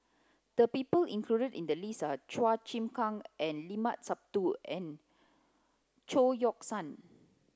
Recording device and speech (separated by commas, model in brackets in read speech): close-talking microphone (WH30), read sentence